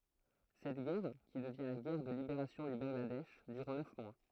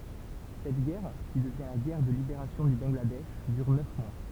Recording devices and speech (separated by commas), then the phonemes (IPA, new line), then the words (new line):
throat microphone, temple vibration pickup, read sentence
sɛt ɡɛʁ ki dəvjɛ̃ la ɡɛʁ də libeʁasjɔ̃ dy bɑ̃ɡladɛʃ dyʁ nœf mwa
Cette guerre, qui devient la guerre de libération du Bangladesh, dure neuf mois.